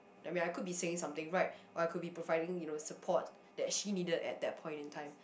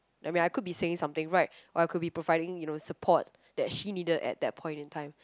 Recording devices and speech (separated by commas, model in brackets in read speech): boundary microphone, close-talking microphone, conversation in the same room